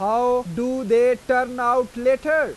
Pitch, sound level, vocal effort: 250 Hz, 99 dB SPL, loud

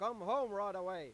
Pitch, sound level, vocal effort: 200 Hz, 105 dB SPL, very loud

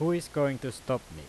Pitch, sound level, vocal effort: 130 Hz, 91 dB SPL, loud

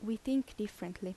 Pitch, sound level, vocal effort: 210 Hz, 80 dB SPL, soft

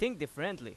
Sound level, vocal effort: 92 dB SPL, very loud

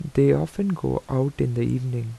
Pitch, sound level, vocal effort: 135 Hz, 80 dB SPL, soft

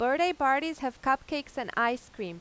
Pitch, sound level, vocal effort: 265 Hz, 94 dB SPL, loud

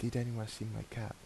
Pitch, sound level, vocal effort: 115 Hz, 78 dB SPL, soft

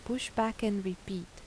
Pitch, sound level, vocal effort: 220 Hz, 80 dB SPL, soft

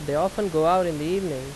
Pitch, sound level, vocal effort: 165 Hz, 89 dB SPL, loud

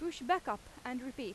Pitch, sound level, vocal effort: 270 Hz, 90 dB SPL, very loud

